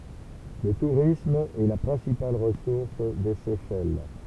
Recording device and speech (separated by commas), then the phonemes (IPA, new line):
temple vibration pickup, read sentence
lə tuʁism ɛ la pʁɛ̃sipal ʁəsuʁs de sɛʃɛl